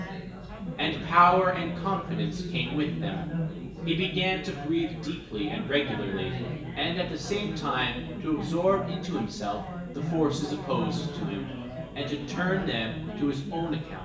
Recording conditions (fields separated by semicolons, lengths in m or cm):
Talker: one person; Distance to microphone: 1.8 m; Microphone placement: close; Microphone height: 1.0 m; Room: large; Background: babble